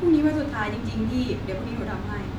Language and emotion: Thai, neutral